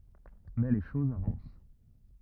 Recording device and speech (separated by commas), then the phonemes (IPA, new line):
rigid in-ear microphone, read sentence
mɛ le ʃozz avɑ̃s